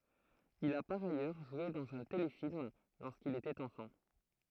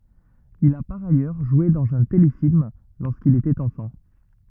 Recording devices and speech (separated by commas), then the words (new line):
throat microphone, rigid in-ear microphone, read sentence
Il a par ailleurs joué dans un téléfilm lorsqu'il était enfant.